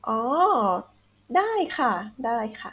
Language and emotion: Thai, neutral